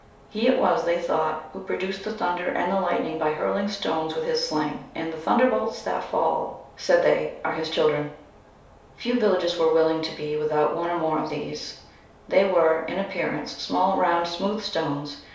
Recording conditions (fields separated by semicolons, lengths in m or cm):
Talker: one person; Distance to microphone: 3.0 m; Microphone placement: far; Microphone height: 1.8 m; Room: small (3.7 m by 2.7 m); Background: none